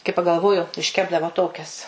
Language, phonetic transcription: Lithuanian, kai pagalˈvoju išˈkepdavo ˈtokias

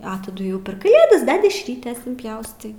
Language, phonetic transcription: Lithuanian, a taˈdu jau per kaˈlėdas be dešˈrytės inpˈjaustai

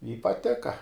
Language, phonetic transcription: Lithuanian, i paˈtika

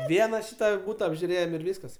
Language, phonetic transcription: Lithuanian, ˈviena ˈšyta ˈbūta apžiuˈrėjem ir ˈvyskas

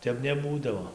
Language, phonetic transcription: Lithuanian, ˈtep neˈbūdavo

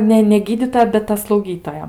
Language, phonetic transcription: Lithuanian, ˈne ne ˈgydytoja bet ˈta slauˈgytoja

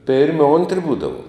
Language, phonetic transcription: Lithuanian, ˈpėrmi ˈontri ˈbūdavuom

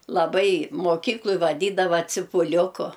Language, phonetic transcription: Lithuanian, laˈbai moˈkykloj vaˈdydava cipuˈliuku

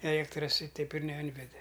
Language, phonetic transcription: Lithuanian, eˈliektras i ˈteip ir neˈinvede

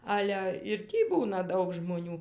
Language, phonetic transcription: Lithuanian, ˈale ir ˈtį ˈbūna ˈdaug žmoˈnių

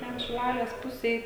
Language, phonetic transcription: Lithuanian, ten šiˈlalės ˈpusėj

